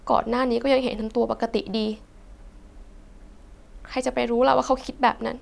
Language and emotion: Thai, sad